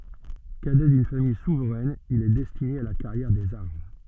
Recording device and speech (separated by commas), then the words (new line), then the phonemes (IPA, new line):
soft in-ear microphone, read sentence
Cadet d'une famille souveraine, il est destiné à la carrière des armes.
kadɛ dyn famij suvʁɛn il ɛ dɛstine a la kaʁjɛʁ dez aʁm